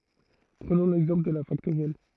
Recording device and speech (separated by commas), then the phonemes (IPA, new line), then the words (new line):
throat microphone, read sentence
pʁənɔ̃ lɛɡzɑ̃pl də la faktoʁjɛl
Prenons l'exemple de la factorielle.